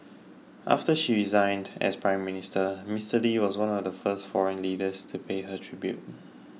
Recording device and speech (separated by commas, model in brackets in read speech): mobile phone (iPhone 6), read sentence